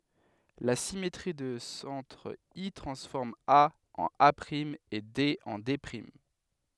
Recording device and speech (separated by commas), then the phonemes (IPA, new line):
headset microphone, read sentence
la simetʁi də sɑ̃tʁ i tʁɑ̃sfɔʁm a ɑ̃n a e de ɑ̃ de